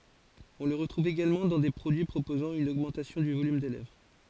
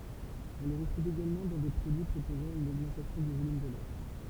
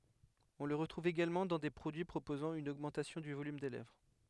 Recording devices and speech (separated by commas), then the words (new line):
forehead accelerometer, temple vibration pickup, headset microphone, read sentence
On le retrouve également dans des produits proposant une augmentation du volume des lèvres.